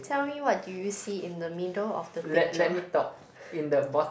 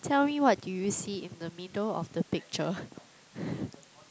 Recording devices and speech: boundary microphone, close-talking microphone, conversation in the same room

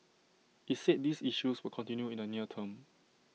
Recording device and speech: mobile phone (iPhone 6), read sentence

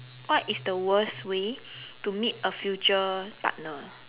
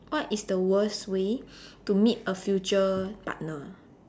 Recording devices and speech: telephone, standing microphone, conversation in separate rooms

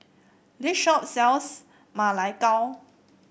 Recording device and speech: boundary microphone (BM630), read sentence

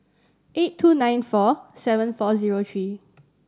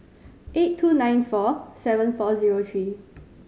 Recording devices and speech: standing microphone (AKG C214), mobile phone (Samsung C5010), read sentence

